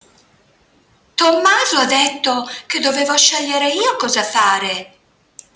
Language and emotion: Italian, surprised